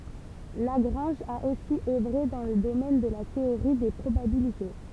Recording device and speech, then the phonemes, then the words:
temple vibration pickup, read sentence
laɡʁɑ̃ʒ a osi œvʁe dɑ̃ lə domɛn də la teoʁi de pʁobabilite
Lagrange a aussi œuvré dans le domaine de la théorie des probabilités.

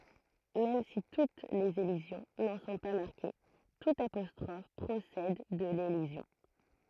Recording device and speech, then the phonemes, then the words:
throat microphone, read sentence
mɛm si tut lez elizjɔ̃ nɑ̃ sɔ̃ pa maʁke tut apɔstʁɔf pʁosɛd də lelizjɔ̃
Même si toutes les élisions n’en sont pas marquées, toute apostrophe procède de l’élision.

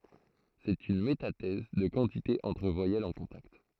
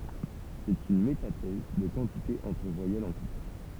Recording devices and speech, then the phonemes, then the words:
throat microphone, temple vibration pickup, read sentence
sɛt yn metatɛz də kɑ̃tite ɑ̃tʁ vwajɛlz ɑ̃ kɔ̃takt
C'est une métathèse de quantité entre voyelles en contact.

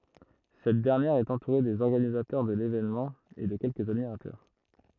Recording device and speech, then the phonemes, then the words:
throat microphone, read sentence
sɛt dɛʁnjɛʁ ɛt ɑ̃tuʁe dez ɔʁɡanizatœʁ də levenmɑ̃ e də kɛlkəz admiʁatœʁ
Cette dernière est entourée des organisateurs de l'événement et de quelques admirateurs.

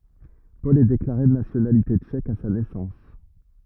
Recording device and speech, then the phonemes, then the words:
rigid in-ear microphone, read sentence
pɔl ɛ deklaʁe də nasjonalite tʃɛk a sa nɛsɑ̃s
Paul est déclaré de nationalité tchèque à sa naissance.

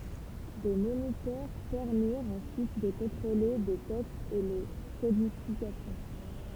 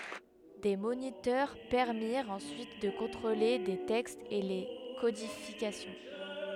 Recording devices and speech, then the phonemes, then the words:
temple vibration pickup, headset microphone, read sentence
de monitœʁ pɛʁmiʁt ɑ̃syit də kɔ̃tʁole le tɛkstz e le kodifikasjɔ̃
Des moniteurs permirent ensuite de contrôler les textes et les codifications.

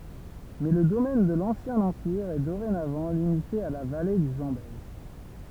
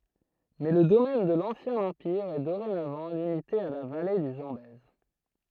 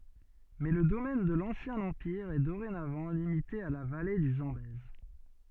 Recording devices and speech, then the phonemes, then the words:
temple vibration pickup, throat microphone, soft in-ear microphone, read sentence
mɛ lə domɛn də lɑ̃sjɛ̃ ɑ̃piʁ ɛ doʁenavɑ̃ limite a la vale dy zɑ̃bɛz
Mais le domaine de l’ancien empire est dorénavant limité à la vallée du Zambèze.

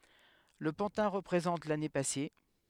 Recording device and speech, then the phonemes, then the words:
headset microphone, read sentence
lə pɑ̃tɛ̃ ʁəpʁezɑ̃t lane pase
Le pantin représente l'année passée.

